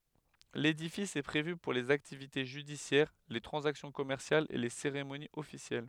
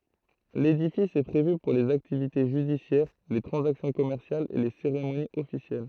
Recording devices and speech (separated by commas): headset microphone, throat microphone, read sentence